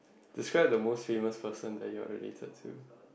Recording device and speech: boundary microphone, conversation in the same room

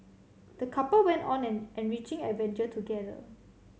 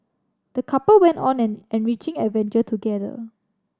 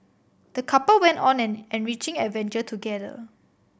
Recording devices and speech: mobile phone (Samsung C7100), standing microphone (AKG C214), boundary microphone (BM630), read sentence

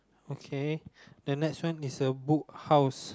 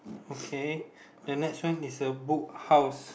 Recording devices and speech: close-talking microphone, boundary microphone, conversation in the same room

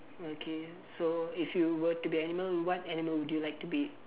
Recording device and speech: telephone, conversation in separate rooms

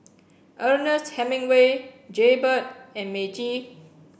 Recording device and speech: boundary microphone (BM630), read sentence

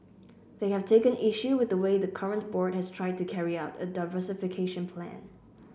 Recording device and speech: boundary microphone (BM630), read sentence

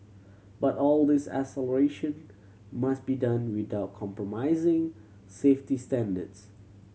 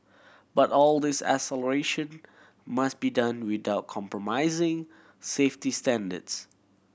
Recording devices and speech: mobile phone (Samsung C7100), boundary microphone (BM630), read sentence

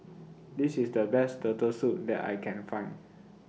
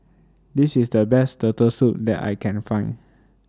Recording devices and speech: mobile phone (iPhone 6), standing microphone (AKG C214), read sentence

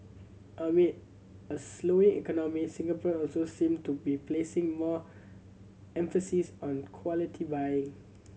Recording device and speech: mobile phone (Samsung C7100), read sentence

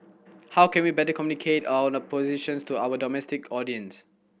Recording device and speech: boundary microphone (BM630), read sentence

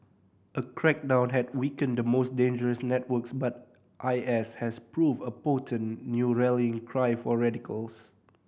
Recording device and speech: boundary microphone (BM630), read sentence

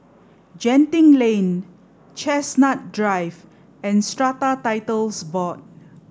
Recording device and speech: standing microphone (AKG C214), read sentence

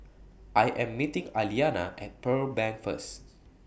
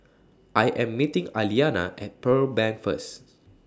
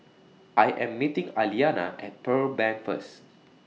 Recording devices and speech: boundary microphone (BM630), standing microphone (AKG C214), mobile phone (iPhone 6), read sentence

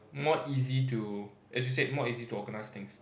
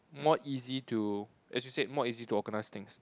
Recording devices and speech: boundary microphone, close-talking microphone, conversation in the same room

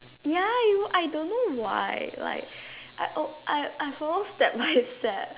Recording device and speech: telephone, conversation in separate rooms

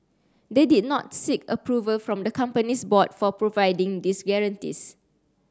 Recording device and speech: standing microphone (AKG C214), read sentence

